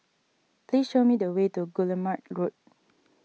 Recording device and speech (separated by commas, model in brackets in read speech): mobile phone (iPhone 6), read sentence